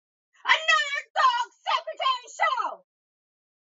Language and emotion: English, disgusted